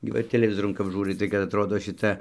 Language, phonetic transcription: Lithuanian, gi ˈva ir teleˈvizorun kap ˈžūrai tai kad atˈrodo šiˈta

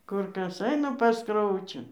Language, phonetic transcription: Lithuanian, ˈkur ˈkas ˈaina pas ˈkraučiu

